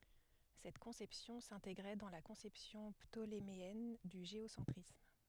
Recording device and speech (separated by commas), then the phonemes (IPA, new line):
headset microphone, read sentence
sɛt kɔ̃sɛpsjɔ̃ sɛ̃teɡʁɛ dɑ̃ la kɔ̃sɛpsjɔ̃ ptolemeɛn dy ʒeosɑ̃tʁism